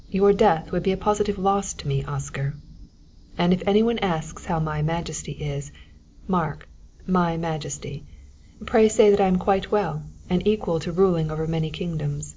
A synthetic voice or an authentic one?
authentic